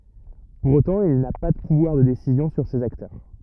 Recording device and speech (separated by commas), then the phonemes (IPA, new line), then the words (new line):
rigid in-ear microphone, read sentence
puʁ otɑ̃ il na pa də puvwaʁ də desizjɔ̃ syʁ sez aktœʁ
Pour autant, il n'a pas de pouvoir de décisions sur ces acteurs.